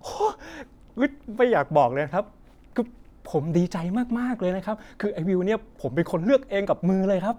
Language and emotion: Thai, happy